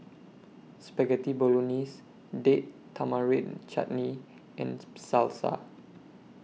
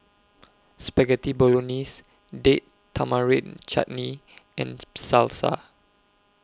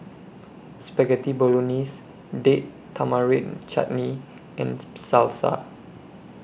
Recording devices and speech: mobile phone (iPhone 6), close-talking microphone (WH20), boundary microphone (BM630), read sentence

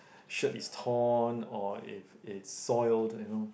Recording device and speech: boundary microphone, conversation in the same room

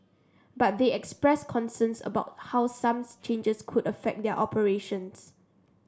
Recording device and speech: standing microphone (AKG C214), read sentence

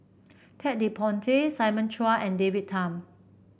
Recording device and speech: boundary microphone (BM630), read sentence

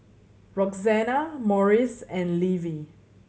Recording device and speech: mobile phone (Samsung C7100), read sentence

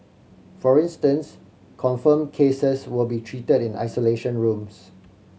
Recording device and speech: mobile phone (Samsung C7100), read sentence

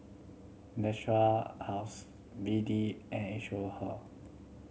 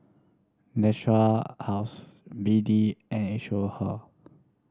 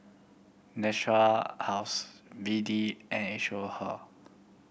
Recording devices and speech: mobile phone (Samsung C7100), standing microphone (AKG C214), boundary microphone (BM630), read sentence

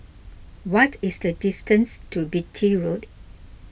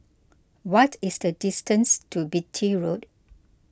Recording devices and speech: boundary microphone (BM630), close-talking microphone (WH20), read sentence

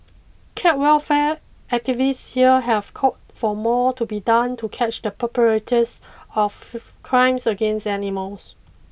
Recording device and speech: boundary microphone (BM630), read sentence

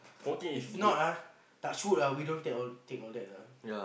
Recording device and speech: boundary microphone, conversation in the same room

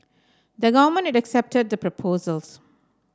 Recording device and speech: standing microphone (AKG C214), read sentence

